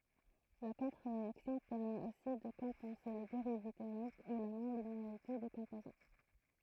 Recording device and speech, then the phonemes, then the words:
throat microphone, read sentence
la kɔ̃tʁəʁeaksjɔ̃ pɛʁmɛt osi də kɔ̃pɑ̃se le deʁiv tɛʁmik u la nɔ̃lineaʁite de kɔ̃pozɑ̃
La contre-réaction permet aussi de compenser les dérives thermiques ou la non-linéarité des composants.

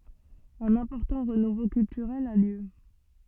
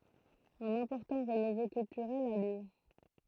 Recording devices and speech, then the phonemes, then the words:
soft in-ear microphone, throat microphone, read sentence
œ̃n ɛ̃pɔʁtɑ̃ ʁənuvo kyltyʁɛl a ljø
Un important renouveau culturel a lieu.

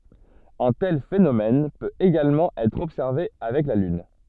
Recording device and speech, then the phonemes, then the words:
soft in-ear microphone, read sentence
œ̃ tɛl fenomɛn pøt eɡalmɑ̃ ɛtʁ ɔbsɛʁve avɛk la lyn
Un tel phénomène peut également être observé avec la Lune.

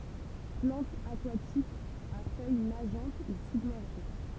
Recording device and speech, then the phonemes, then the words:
temple vibration pickup, read sentence
plɑ̃tz akwatikz a fœj naʒɑ̃t u sybmɛʁʒe
Plantes aquatiques, à feuilles nageantes ou submergées.

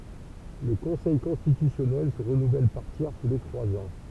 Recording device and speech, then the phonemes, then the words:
temple vibration pickup, read sentence
lə kɔ̃sɛj kɔ̃stitysjɔnɛl sə ʁənuvɛl paʁ tjɛʁ tu le tʁwaz ɑ̃
Le Conseil constitutionnel se renouvelle par tiers tous les trois ans.

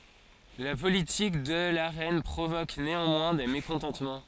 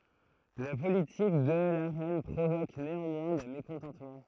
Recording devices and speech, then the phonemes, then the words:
forehead accelerometer, throat microphone, read sentence
la politik də la ʁɛn pʁovok neɑ̃mwɛ̃ de mekɔ̃tɑ̃tmɑ̃
La politique de la reine provoque néanmoins des mécontentements.

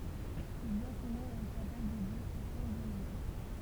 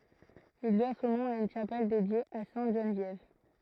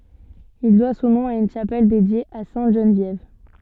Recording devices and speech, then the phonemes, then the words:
temple vibration pickup, throat microphone, soft in-ear microphone, read sentence
il dwa sɔ̃ nɔ̃ a yn ʃapɛl dedje a sɛ̃t ʒənvjɛv
Il doit son nom à une chapelle dédiée à sainte Geneviève.

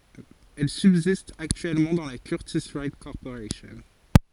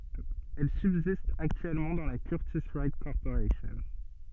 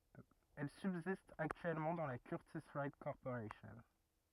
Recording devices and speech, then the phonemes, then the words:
forehead accelerometer, soft in-ear microphone, rigid in-ear microphone, read sentence
ɛl sybzist aktyɛlmɑ̃ dɑ̃ la kyʁtis wajt kɔʁpoʁasjɔ̃
Elle subsiste actuellement dans la Curtiss-Wright Corporation.

